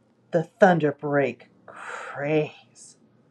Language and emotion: English, disgusted